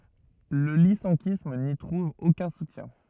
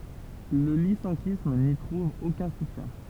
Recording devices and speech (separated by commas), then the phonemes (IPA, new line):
rigid in-ear microphone, temple vibration pickup, read sentence
lə lisɑ̃kism ni tʁuv okœ̃ sutjɛ̃